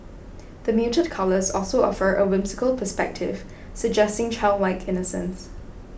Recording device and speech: boundary microphone (BM630), read sentence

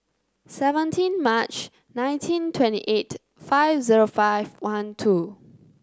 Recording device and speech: close-talking microphone (WH30), read sentence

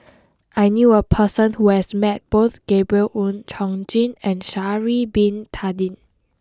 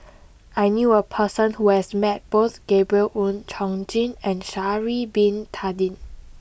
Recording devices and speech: close-talking microphone (WH20), boundary microphone (BM630), read sentence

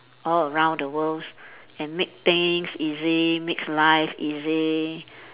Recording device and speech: telephone, conversation in separate rooms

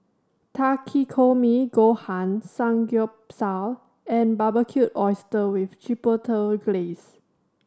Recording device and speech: standing microphone (AKG C214), read sentence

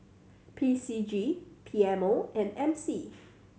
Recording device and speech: mobile phone (Samsung C7100), read sentence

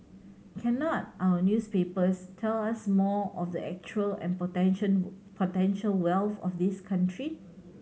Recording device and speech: mobile phone (Samsung C7100), read sentence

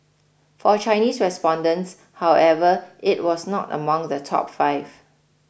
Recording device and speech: boundary microphone (BM630), read sentence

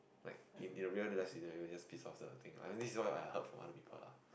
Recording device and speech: boundary microphone, conversation in the same room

